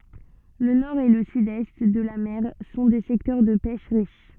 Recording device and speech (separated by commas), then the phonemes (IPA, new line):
soft in-ear microphone, read sentence
lə nɔʁ e lə sydɛst də la mɛʁ sɔ̃ de sɛktœʁ də pɛʃ ʁiʃ